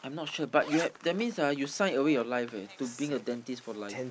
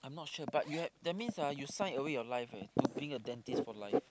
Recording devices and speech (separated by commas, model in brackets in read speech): boundary microphone, close-talking microphone, conversation in the same room